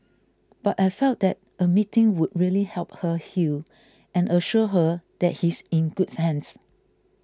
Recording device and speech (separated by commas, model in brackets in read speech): close-talking microphone (WH20), read sentence